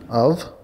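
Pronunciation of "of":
'of' is pronounced correctly here.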